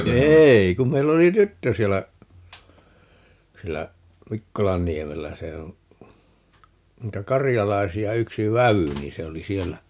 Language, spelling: Finnish, ei kun meillä oli tyttö siellä siellä Mikkolanniemellä se on niitä karjalaisia yksi vävy niin se oli siellä
- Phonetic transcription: "eei kum 'meill ‿oli "tyttö 'siellä , 'siellä , "Mikkolanniemellä - 'se oo̰ , 'niitä "karjalaisi₍a 'yksi "väwy 'nii se oli "siellä ,.

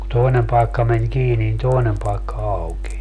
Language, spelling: Finnish, kun toinen paikka meni kiinni niin toinen paikka aukeni
- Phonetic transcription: ku 'toinem paikka men 'kiini nin 'toinem paekka 'aukeń .

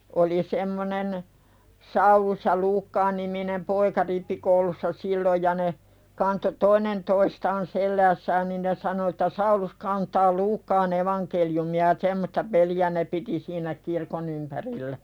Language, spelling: Finnish, oli semmoinen Saulus ja - Luukkaa-niminen poika rippikoulussa silloin ja ne kantoi toinen toistaan selässään niin ne sanoi että Saulus kantaa Luukkaan evankeliumia ja semmoista peliä ne piti siinä kirkon ympärillä
- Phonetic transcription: oli 'semmonen , "Saulus ja "Luukkaa -niminem 'poika rippikoulussa 'silloj ja ne , kanto "toinen toistaan 'selläässään nin ne 'sano että » 'Saulus kaantaa "Luukkaan ‿evankeljumi₍a « ja "semmosta 'peli₍ä ne piti siinä "kirkon ‿ympärillä .

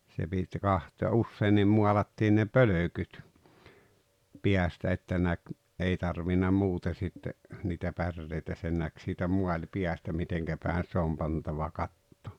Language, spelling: Finnish, se piti katsoa ja useinkin maalattiin ne pölkyt päästä että näki ei tarvinnut muuten sitten niitä päreitä sen näki siitä maalipäästä miten päin se on pantava katto
- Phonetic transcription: se 'Bit 'kahtoo ja 'usseennim 'mualattiin ne "pölökyt , 'piästä että 'näk , ’ei 'tarvinna 'muute sitte , niitä 'pärreitä sen 'näk siitä "muaĺpiästa 'miteŋkä 'pä̀en se ‿om 'pantava "katto .

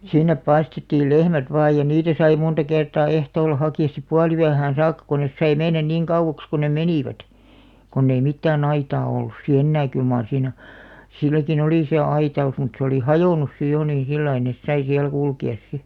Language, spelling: Finnish, sinne päästettiin lehmät vain ja niitä sai monta kertaa ehtoolla hakea sitten puoliyöhön saakka kun ne sai mennä niin kauaksi kuin ne menivät kun ei mitään aitaa ollut sitten enää kyllä mar siinä silläkin oli se aitaus mutta se oli hajonnut sitten jo niin sillä lailla ne sai siellä kulkea sitten
- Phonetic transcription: 'sinnep '(pääs)tettiil "lehmät 'vaaj ja 'niitä sai 'munta kertaa "ehtoolla 'haki₍as sip "pualyähään̬ 'saakka kon nes sai "mennän 'niiŋ 'kauʷaks ko 'ne "menìvät , konn ‿ei 'mittää"n ‿aitaa ollus si "ennää kyl maar siinä , 'silläki'n ‿olì se "aita₍us mut se oli "hajònus 'si jo niḭ 'sillai nes sai siäl 'kulki₍as 'si .

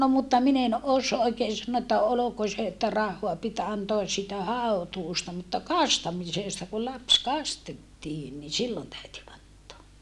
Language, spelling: Finnish, no mutta minä en - oikein sanoa että oliko se että rahaa piti antaa siitä hautuusta mutta kastamisesta kun lapsi kastettiin niin silloin täytyi antaa
- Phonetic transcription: no mutta min ‿en os - oikeen sannoo että oloko se että rahhoa pit antoas siitä haotuusta mutta kastamisèsta ku laps kastettiin ni sillon täyty antoa .

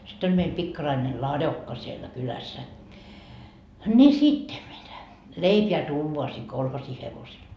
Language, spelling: Finnish, sitten oli meillä pikkarainen ladokka siellä kylässä niin sitten mitä leipää tuodaan siihen kolhoosin hevosella
- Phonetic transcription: sit ‿oĺ meil 'pikkaraine "ladokka siellä 'kylässä , ńi "sitte mitä , 'leipe₍ä 'tuuvoa sii 'kolhosi 'hevosel .

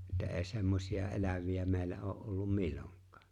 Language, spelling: Finnish, että ei semmoisia eläviä meillä ole ollut milloinkaan
- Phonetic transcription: ᵉttä '’e̬e̬ 'semmośi₍a '’elävi₍ä 'me̬e̬ⁱllä oo’ ’ollum "milloŋk̀ᴀᴀ .

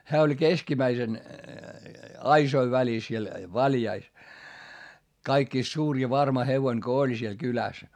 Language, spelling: Finnish, hän oli keskimmäisen aisojen välissä siellä valjaissa kaikista suurin ja varma hevonen kun oli siellä kylässä
- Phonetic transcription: hää oĺ keskimäisen , aisoi välis siel , valjais , kaikkìst suur ja varma hevoin ko oĺ siel kyläs .

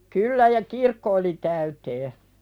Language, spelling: Finnish, kyllä ja kirkko oli täyteen
- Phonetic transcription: 'kyllä ja "kirkko oli 'täytee .

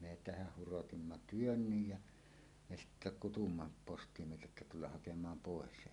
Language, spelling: Finnish, me tehdä hurotimme työmme' ja me sitten kutsuimme postimieheltä että tulla hakemaan pois
- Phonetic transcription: me "tehäh 'hurotimma "työnnyj jä , 'me 'sittä "kutumma postimieheltä että 'tullah "hakem̀aam "pòes .

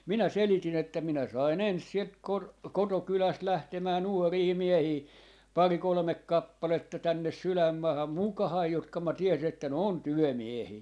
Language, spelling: Finnish, minä selitin että minä sain ensin sieltä - kotokylästä lähtemään nuoria miehiä pari kolme kappaletta tänne sydänmaahan mukaani jotka minä tiesin että ne on työmiehiä
- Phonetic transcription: minä 'seliti'n ‿että » 'minä sain "ens 'sielt 'kor- , "kotokyläst 'lähtemää "nuorii "miehii , "pari 'kolᵒmek "kappaletta 'tännes "sylämmaaham "mukahai 'jotka ma 'tiesin ‿että ne "on "työmiehii .

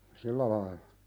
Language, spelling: Finnish, sillä lailla
- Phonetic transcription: sillä lailʟᴀ .

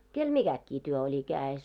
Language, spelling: Finnish, kenellä mikäkin työ oli kädessä
- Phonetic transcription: 'kel "miɢäkkii työ oĺi 'kää₍es .

